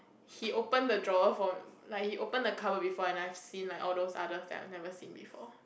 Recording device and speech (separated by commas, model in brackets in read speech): boundary microphone, conversation in the same room